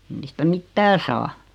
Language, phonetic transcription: Finnish, (ei) niistä "mittää saa .
- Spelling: ei niistä mitään saa

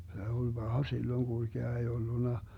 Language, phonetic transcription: Finnish, se oĺ 'Baha silloŋ 'GulGea ei 'olluna , .
- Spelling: se oli paha silloin kulkea ei ollut

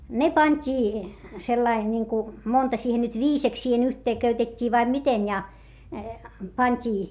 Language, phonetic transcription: Finnish, ne pańt́ii , sellai niŋku , monta siihen nyt viiseks siihen yhtee köytet́t́ii vaim miten ja , pant́ii .
- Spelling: ne pantiin sillä lailla niin kuin monta siihen nyt viideksi siihen yhteen köytettiin vai miten ja pantiin

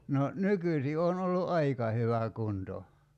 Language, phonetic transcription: Finnish, no , "nykysi 'on ollu "’aika hyvä 'kunto .
- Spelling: no nykyisin on ollut aika hyvä kunto

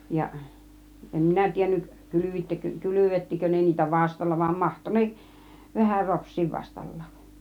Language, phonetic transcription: Finnish, 'jaˀ , 'em "minä 'tiennyk , 'kylyvittekö , "kylyvettikö ne niitä "vastalla , vam 'mahto neˀ , 'vähär 'ropšsiiv 'vastal̀lAAˀ .
- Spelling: ja en minä tiennyt kylvittekö kylvettikö ne niitä vastalla vaan mahtoi ne vähän ropsia vastallakin

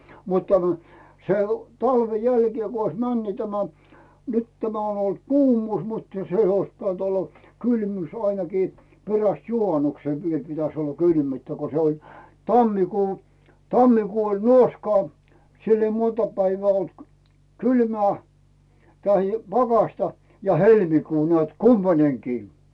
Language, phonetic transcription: Finnish, mut tämä , se ‿o , 'talve 'jälkie ku ois män ni tämä , 'nyt tämä on ‿olt "kuumuus muttᴀ 'se ois piᵗänt ‿olla , "kylmyys ainakii , 'peräst "juhanuksè viel pitäs ‿olla 'kylmyyttä ko se oĺ , "tammikuu , 'tammikuu oĺ "nuoskaa , 'sill ‿ei 'monta päivää olt , "kylmää , tahi "pakaśta , a "helmikuu nᵉä̀t 'kumpańeŋkii .
- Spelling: mutta tämä se on talven jälkeen kun olisi mennyt niin tämä nyt tämä on ollut kuumuus mutta se olisi pitänyt olla kylmyys ainakin perästä juhanuksen vielä pitäisi olla kylmyyttä kun se oli tammikuu tammikuu oli nuoskaa sillä ei monta päivää ollut kylmää tai pakkasta a helmikuu näet kumpainenkin

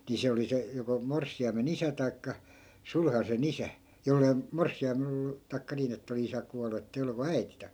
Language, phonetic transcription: Finnish, ni 'se oli 'se , joko 'morssi₍aime"n ‿isä tai̮kka , 'sulhase"n ‿isä , 'jollei , 'morssi₍aimel ‿oll(u) , tai̮kka 'niin ‿ettᵃ̈ oli 'isä kualu ettei ollu vaa "äiti (ta-) .
- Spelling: niin se oli se joko morsiamen isä tai sulhasen isä jos ei morsiamella ollut tai niin että oli isä kuollut että ei ollut vain äiti -

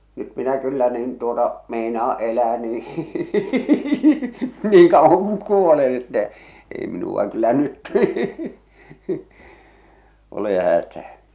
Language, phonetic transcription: Finnish, nyt minä 'kyllä niin tuota 'meinaa "elää nii , 'niiŋ 'kauwaŋ kuŋ "kuolen ettɛ , 'ei minu₍a kyllä 'nyt , ole 'hätää .
- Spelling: nyt minä kyllä niin tuota meinaan elää niin niin kauan kun kuolen että ei minua kyllä nyt ole hätää

